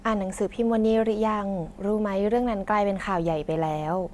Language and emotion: Thai, neutral